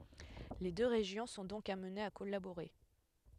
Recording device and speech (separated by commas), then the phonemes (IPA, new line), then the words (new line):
headset microphone, read sentence
le dø ʁeʒjɔ̃ sɔ̃ dɔ̃k amnez a kɔlaboʁe
Les deux régions sont donc amenées à collaborer.